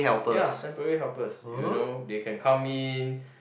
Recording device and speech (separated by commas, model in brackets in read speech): boundary microphone, conversation in the same room